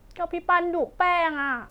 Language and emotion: Thai, frustrated